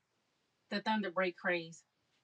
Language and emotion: English, angry